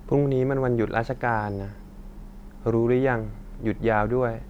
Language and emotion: Thai, neutral